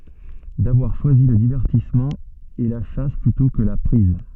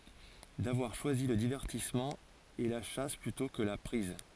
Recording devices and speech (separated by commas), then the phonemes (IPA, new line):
soft in-ear microphone, forehead accelerometer, read sentence
davwaʁ ʃwazi lə divɛʁtismɑ̃ e la ʃas plytɔ̃ kə la pʁiz